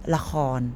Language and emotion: Thai, frustrated